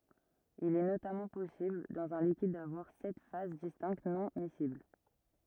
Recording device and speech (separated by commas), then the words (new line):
rigid in-ear microphone, read sentence
Il est notamment possible dans un liquide d'avoir sept phases distinctes non-miscibles.